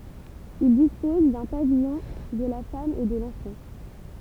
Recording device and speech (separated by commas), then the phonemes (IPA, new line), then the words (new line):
temple vibration pickup, read sentence
il dispɔz dœ̃ pavijɔ̃ də la fam e də lɑ̃fɑ̃
Il dispose d'un pavillon de la femme et de l'enfant.